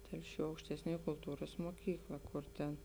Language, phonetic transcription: Lithuanian, ˈtelˌšių aukštesˈniuoj kulˈtūras muoˈkykla ˈkur ten

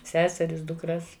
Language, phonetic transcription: Lithuanian, ˈseseris dukˈras

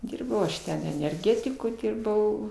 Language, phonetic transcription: Lithuanian, ˈdyrbau aš ˈten enerˈgetiku ˈdirbau

